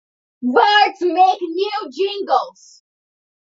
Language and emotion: English, angry